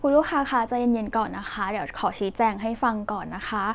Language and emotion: Thai, neutral